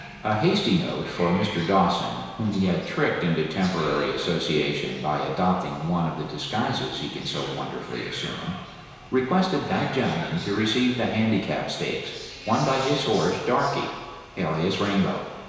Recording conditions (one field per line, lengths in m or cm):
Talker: one person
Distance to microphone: 1.7 m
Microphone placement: close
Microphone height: 1.0 m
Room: very reverberant, large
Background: television